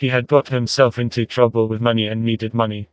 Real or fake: fake